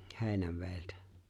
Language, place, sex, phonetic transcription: Finnish, Lapinlahti, male, He̬e̬ⁱnäv̆veeltä .
- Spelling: Heinävedeltä

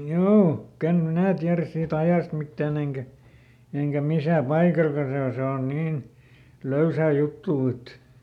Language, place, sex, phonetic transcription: Finnish, Lieto, male, ˈhjuu , ikän "minä̀ tiäräs siiˈt ‿ajàst ˈmittään ‿eŋkä , eŋkä ˈmisä̀ ˈpaikalka se o ˈse on ˈniin , ˈlöysä̀ ˈjuttuu et ,.
- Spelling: juu ikänä minä tiedä siitä ajasta mitään enkä enkä missä paikallakaan se on se on niin löysää juttua että

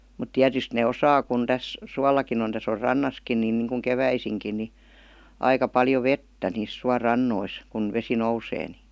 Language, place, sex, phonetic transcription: Finnish, Vihti, female, mut "tiätyst 'nè "osaa kun täs , "suallakin ‿on täs ‿or "rannaskin nin niŋkuŋ "keväisiŋkin ni , 'aika 'paljo "vettä niis 'sua'rannois , kun 'vesi "nousee ni .
- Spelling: mutta tietysti ne osaa kun tässä suollakin on tässä on rannassakin niin niin kuin keväisinkin niin aika paljon vettä niissä suorannoissa kun vesi nousee niin

